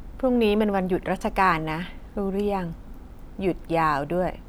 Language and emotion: Thai, neutral